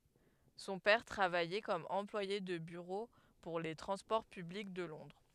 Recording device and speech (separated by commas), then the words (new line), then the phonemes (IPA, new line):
headset microphone, read sentence
Son père travaillait comme employé de bureau pour les transports publics de Londres.
sɔ̃ pɛʁ tʁavajɛ kɔm ɑ̃plwaje də byʁo puʁ le tʁɑ̃spɔʁ pyblik də lɔ̃dʁ